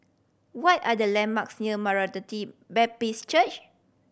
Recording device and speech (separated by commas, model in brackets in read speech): boundary microphone (BM630), read sentence